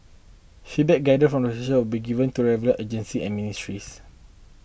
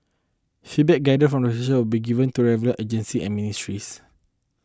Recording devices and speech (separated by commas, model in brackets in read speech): boundary microphone (BM630), close-talking microphone (WH20), read sentence